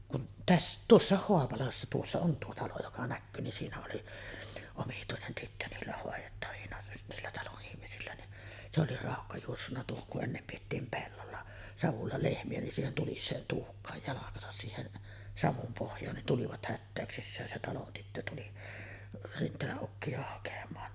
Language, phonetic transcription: Finnish, kun 'täss- , "tuossàeh 'Hoapalassa 'tuossa on tuo 'talo joka 'näkkyy ni siinä oli , omituinen tyttö 'niillä hòejettavina "niillä 'taloˀ ˀihmisillä ni , se oli 'ràokka juossunna tuohoŋ kuˀ ˀennem piettiim "pellolla , 'savulla 'lehmi₍ä nin 'siihen "tulis̆seen 'tuhk̆kaaj 'jalakasas siihen , 'savum pohj̆jaan nin tulivat 'hättä̀öksissään se 'talon tyttö tuli , 'Rint̀eeläˀ ˀukki₍a hakam̀aan .
- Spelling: kun - tuossa Haapalassa tuossa on tuo talo joka näkyy niin siinä oli omituinen tyttö niillä hoidettavina niillä talon ihmisillä niin se oli raukka juossut tuohon kun ennen pidettiin pellolla savulla lehmiä niin siihen tuliseen tuhkaan jalkansa siihen savun pohjaan niin tulivat hätäyksissään se talon tyttö tuli Rinteelän ukkia hakemaan

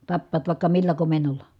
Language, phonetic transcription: Finnish, tappaat vài̮kka millä komen̆nol̀a .
- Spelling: tappavat vaikka millä komennolla

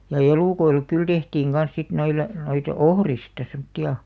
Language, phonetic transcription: Finnish, ja "elùkoilek kyl 'tehtiiŋ ɢan̬s sit 'noile , noit , "ohrista semtti₍a ,.
- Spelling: ja elukoille kyllä tehtiin kanssa sitten noille noita ohrista semmoisia

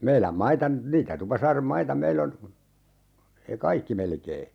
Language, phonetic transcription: Finnish, 'meiläm "maita , 'niitä 'Tupasaarem "maita 'meill ‿on , e-"kaikki 'melkee .
- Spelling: meidän maita niitä Tupasaaren maita meillä on kaikki melkein

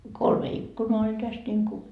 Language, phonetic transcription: Finnish, no , 'kolme 'ikkunoa oĺ täst ńiŋku .
- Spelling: no kolme ikkunaa oli tästä niin kuin

